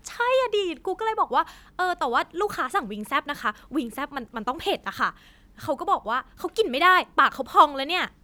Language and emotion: Thai, frustrated